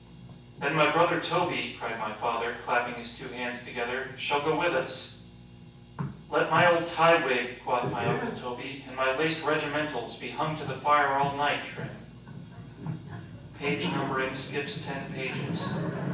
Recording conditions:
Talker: one person; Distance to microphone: 9.8 m; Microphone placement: far; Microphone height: 1.8 m; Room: large; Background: television

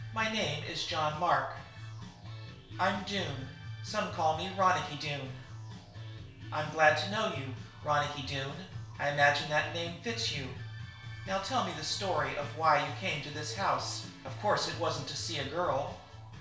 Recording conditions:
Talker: one person; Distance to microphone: 1.0 m; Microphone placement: close; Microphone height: 1.1 m; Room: small (3.7 m by 2.7 m); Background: music

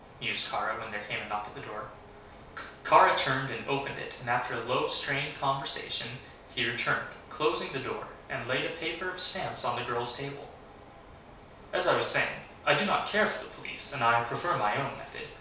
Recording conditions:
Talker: one person; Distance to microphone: 3.0 m; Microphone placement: far; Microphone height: 1.8 m; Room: small (3.7 m by 2.7 m); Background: none

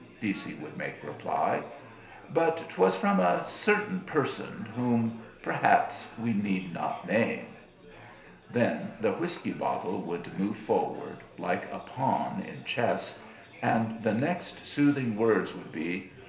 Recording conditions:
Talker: one person; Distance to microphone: 1.0 m; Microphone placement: close; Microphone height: 1.1 m; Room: small (3.7 m by 2.7 m); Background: babble

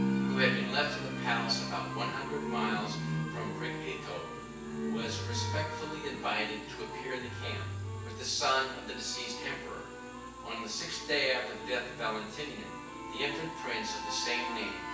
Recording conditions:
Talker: one person; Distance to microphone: 9.8 m; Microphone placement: far; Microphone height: 1.8 m; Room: large; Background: music

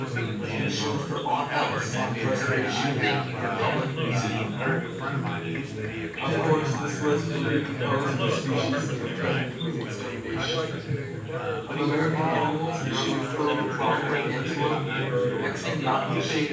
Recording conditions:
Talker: one person; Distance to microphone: 9.8 m; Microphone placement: far; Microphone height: 1.8 m; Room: large; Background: babble

